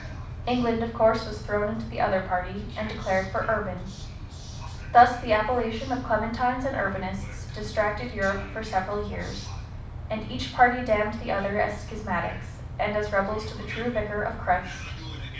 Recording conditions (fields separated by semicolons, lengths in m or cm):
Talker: one person; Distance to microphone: 5.8 m; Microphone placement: far; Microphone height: 1.8 m; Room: medium-sized (5.7 m by 4.0 m); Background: television